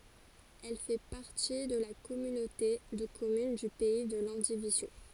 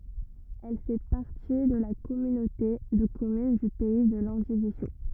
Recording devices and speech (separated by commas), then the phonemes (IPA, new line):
forehead accelerometer, rigid in-ear microphone, read sentence
ɛl fɛ paʁti də la kɔmynote də kɔmyn dy pɛi də lɑ̃divizjo